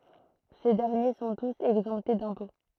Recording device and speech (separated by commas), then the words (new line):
throat microphone, read sentence
Ces derniers sont tous exemptés d'impôts.